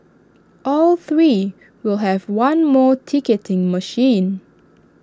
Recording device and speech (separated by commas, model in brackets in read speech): standing microphone (AKG C214), read sentence